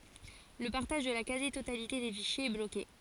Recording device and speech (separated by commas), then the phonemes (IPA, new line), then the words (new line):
forehead accelerometer, read sentence
lə paʁtaʒ də la kazi totalite de fiʃjez ɛ bloke
Le partage de la quasi-totalité des fichiers est bloqué.